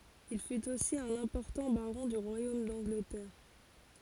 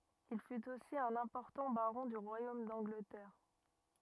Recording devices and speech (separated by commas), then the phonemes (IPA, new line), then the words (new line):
forehead accelerometer, rigid in-ear microphone, read sentence
il fyt osi œ̃n ɛ̃pɔʁtɑ̃ baʁɔ̃ dy ʁwajom dɑ̃ɡlətɛʁ
Il fut aussi un important baron du royaume d'Angleterre.